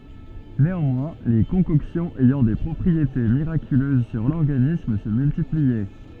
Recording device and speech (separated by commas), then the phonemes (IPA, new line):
soft in-ear microphone, read sentence
neɑ̃mwɛ̃ le kɔ̃kɔksjɔ̃z ɛjɑ̃ de pʁɔpʁiete miʁakyløz syʁ lɔʁɡanism sə myltipliɛ